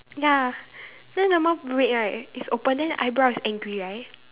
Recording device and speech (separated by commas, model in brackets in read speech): telephone, conversation in separate rooms